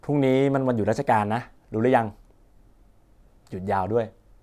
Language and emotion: Thai, neutral